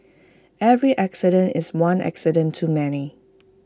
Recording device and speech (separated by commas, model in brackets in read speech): close-talking microphone (WH20), read sentence